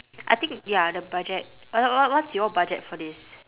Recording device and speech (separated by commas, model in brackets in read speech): telephone, conversation in separate rooms